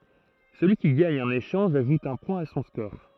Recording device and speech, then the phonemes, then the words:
throat microphone, read sentence
səlyi ki ɡaɲ œ̃n eʃɑ̃ʒ aʒut œ̃ pwɛ̃ a sɔ̃ skɔʁ
Celui qui gagne un échange ajoute un point à son score.

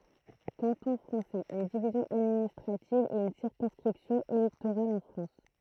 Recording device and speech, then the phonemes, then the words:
throat microphone, read sentence
kɑ̃tɔ̃ fʁɑ̃sɛz yn divizjɔ̃ administʁativ e yn siʁkɔ̃skʁipsjɔ̃ elɛktoʁal ɑ̃ fʁɑ̃s
Canton français, une division administrative et une circonscription électorale en France.

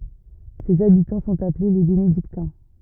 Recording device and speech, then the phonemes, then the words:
rigid in-ear microphone, read sentence
sez abitɑ̃ sɔ̃t aple le benediktɛ̃
Ses habitants sont appelés les Bénédictins.

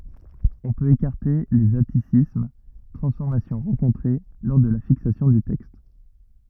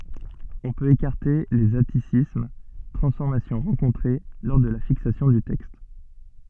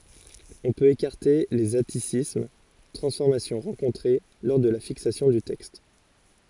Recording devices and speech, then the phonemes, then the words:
rigid in-ear microphone, soft in-ear microphone, forehead accelerometer, read sentence
ɔ̃ pøt ekaʁte lez atisism tʁɑ̃sfɔʁmasjɔ̃ ʁɑ̃kɔ̃tʁe lɔʁ də la fiksasjɔ̃ dy tɛkst
On peut écarter les atticismes, transformations rencontrées lors de la fixation du texte.

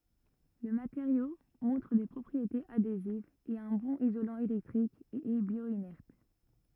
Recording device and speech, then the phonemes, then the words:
rigid in-ear microphone, read sentence
lə mateʁjo mɔ̃tʁ de pʁɔpʁietez adezivz ɛt œ̃ bɔ̃n izolɑ̃ elɛktʁik e ɛ bjwanɛʁt
Le matériau montre des propriétés adhésives, est un bon isolant électrique et est bio-inerte.

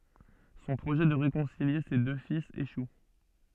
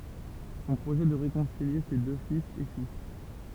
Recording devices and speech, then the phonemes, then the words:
soft in-ear microphone, temple vibration pickup, read sentence
sɔ̃ pʁoʒɛ də ʁekɔ̃silje se dø filz eʃu
Son projet de réconcilier ses deux fils échoue.

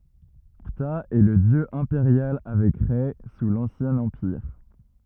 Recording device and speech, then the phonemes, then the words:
rigid in-ear microphone, read sentence
pta ɛ lə djø ɛ̃peʁjal avɛk ʁɛ su lɑ̃sjɛ̃ ɑ̃piʁ
Ptah est le dieu impérial avec Rê sous l'Ancien Empire.

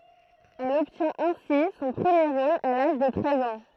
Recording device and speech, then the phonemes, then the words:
throat microphone, read sentence
ɛl ɔbtjɛ̃t ɛ̃si sɔ̃ pʁəmje ʁol a laʒ də tʁɛz ɑ̃
Elle obtient ainsi son premier rôle à l’âge de treize ans.

